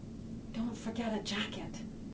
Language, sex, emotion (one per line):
English
female
neutral